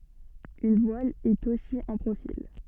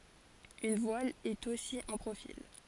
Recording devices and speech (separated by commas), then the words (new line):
soft in-ear microphone, forehead accelerometer, read sentence
Une voile est aussi un profil.